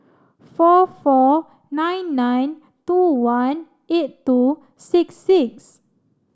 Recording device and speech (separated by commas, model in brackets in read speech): standing microphone (AKG C214), read sentence